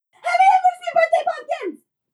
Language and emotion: English, fearful